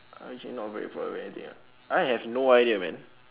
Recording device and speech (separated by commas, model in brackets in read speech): telephone, conversation in separate rooms